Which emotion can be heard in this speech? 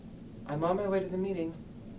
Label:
neutral